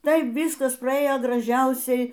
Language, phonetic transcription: Lithuanian, ˈtai ˈvyskas praˈėjo graˈžiausiai

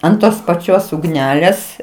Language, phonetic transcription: Lithuanian, ant ˈtos paˈčios ugˈnelės

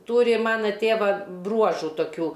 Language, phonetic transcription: Lithuanian, ˈtūri ˈmana ˈtėva ˈbruožu toˈkių

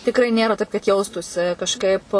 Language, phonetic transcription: Lithuanian, tikˈrai ˈnėra taip kad ˈjaustųsi kažˈkaip

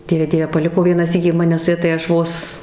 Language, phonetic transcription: Lithuanian, ˈdieve ˈdieve paˈliko ˈvieną ˈsykį ˈmane su ˈja tai ˈaš ˈvos

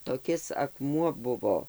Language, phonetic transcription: Lithuanian, toˈkis akˈmuo ˈbuvo

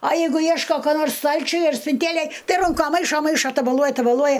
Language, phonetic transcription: Lithuanian, a ˈjeigu ˈjieško ko ˈnors ˈstalčiuj ar spinˈtėlėj ˈtai ˈrunka ˈmaišo ˈmaišo tabaˈluoja tabaˈluoja

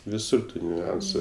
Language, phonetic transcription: Lithuanian, viˈsur ˈtų niuˈansu

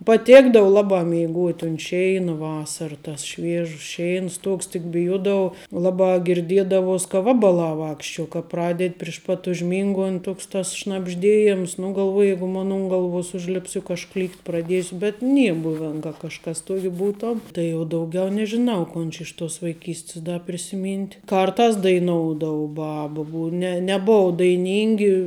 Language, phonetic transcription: Lithuanian, paˈtėkdavu ˈlabā mėiˈgot' unt ˈšeina ˈvasara tas ˈšviežus ˈšėins ˈtuoks tik biˈjuodavau ˈlaˌbā girˈdiedavos ka ˈvabaˌlā ˈvākščiuo ka ˈpraded' ˈpriš pat užˈmingont' ˈtoks tas šnabžˈdėjiems nu galˈvoj ˈjegu ˈmon ˈun galˈvuos ˈužlips juk aš ˈklykt' praˈdiesiu bet ˈnie ˈbuven ka kažˈkas tuok' ˈbūtuom ˈtai jau dauˈgiau nežiˈnau ˈkon či ˈiš ˌtuos vaiˈkyst's ˈda prisiˈmynt' ˈkartās daiˈnoudavu ˈbabu bu ne neˈbov daiˈnyngi

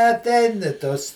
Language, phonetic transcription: Lithuanian, atˈein i ˈtos

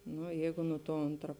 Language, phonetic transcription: Lithuanian, ˈnu ˈjeigu nu tuo ˈontra

